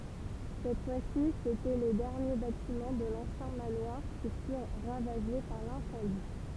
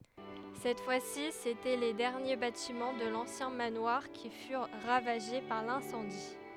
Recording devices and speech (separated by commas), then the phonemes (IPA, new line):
temple vibration pickup, headset microphone, read sentence
sɛt fwa si setɛ le dɛʁnje batimɑ̃ də lɑ̃sjɛ̃ manwaʁ ki fyʁ ʁavaʒe paʁ lɛ̃sɑ̃di